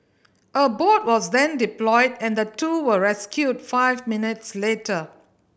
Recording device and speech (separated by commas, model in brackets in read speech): boundary microphone (BM630), read sentence